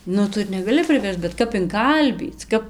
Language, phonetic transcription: Lithuanian, ˈnu ˈtu ir negaˈli priˈversc bet ˈkap inˈkalbyc ˈkap

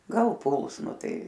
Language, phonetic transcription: Lithuanian, ˈgal ˈpuls ˈnu ˈtai

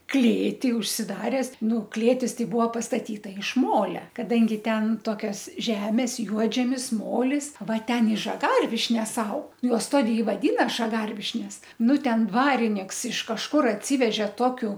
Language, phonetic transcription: Lithuanian, ˈklėty užsiˈdares ˈnu ˈklėtis ˈtai ˈbuvo pastaˈtyta iš ˈmolia kaˈdangi ˈten ˈtokias ˈžemes ˈjuodžemis ˈmolis ˈva ˈten i žaˈgarvišnes ˈaug juos ˈtodė i vaˈdyna žaˈgarvišnes ˈnu ˈten ˈdvariniks iš kažˈkur atˈsyveže ˈtokiu

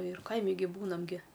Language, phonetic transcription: Lithuanian, ir ˈkaimi gi ˈbūnam gi

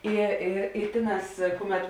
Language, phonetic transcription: Lithuanian, ˈi i i ˈtėˌnās ˈkuˌmet

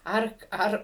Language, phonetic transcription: Lithuanian, ˈar ˈar

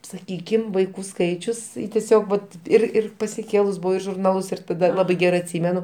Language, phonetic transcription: Lithuanian, saˈkykim vaiˈkų ˈskaičius teˈsiog vat ˈir ˈir pasiˈkėlus ˈbuvau ir žurˈnalus ir taˈda ˈlabai ˈgerai atˈsymenu

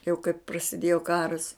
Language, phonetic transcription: Lithuanian, jau kaip prasiˈdėjo ˈkaras

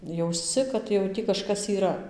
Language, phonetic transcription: Lithuanian, jausˈci kad jau ˈtį kažˈkas yˈra

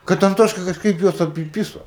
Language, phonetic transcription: Lithuanian, kad anˈtoška kažˈkaip ˈjuos apiˈpyso

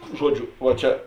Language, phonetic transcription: Lithuanian, ˈžuoˌdžiu va ˈčia

